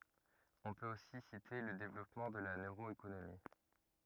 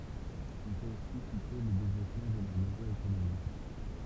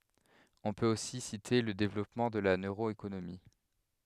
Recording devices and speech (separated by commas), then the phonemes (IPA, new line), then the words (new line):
rigid in-ear microphone, temple vibration pickup, headset microphone, read sentence
ɔ̃ pøt osi site lə devlɔpmɑ̃ də la nøʁoekonomi
On peut aussi citer le développement de la neuroéconomie.